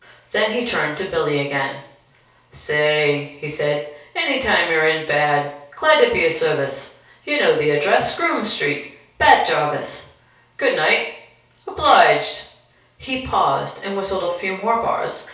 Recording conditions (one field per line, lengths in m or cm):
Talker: one person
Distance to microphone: 3.0 m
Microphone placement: far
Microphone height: 1.8 m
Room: small (3.7 m by 2.7 m)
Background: none